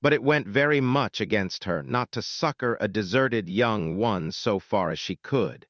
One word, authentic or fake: fake